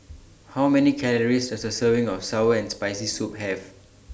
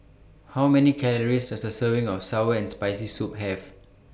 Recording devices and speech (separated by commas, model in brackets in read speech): standing microphone (AKG C214), boundary microphone (BM630), read sentence